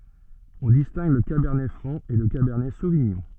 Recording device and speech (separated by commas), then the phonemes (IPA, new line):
soft in-ear microphone, read sentence
ɔ̃ distɛ̃ɡ lə kabɛʁnɛ fʁɑ̃ e lə kabɛʁnɛ soviɲɔ̃